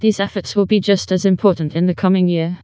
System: TTS, vocoder